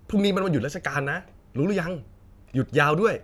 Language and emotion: Thai, happy